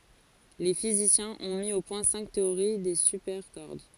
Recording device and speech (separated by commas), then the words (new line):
forehead accelerometer, read sentence
Les physiciens ont mis au point cinq théories des supercordes.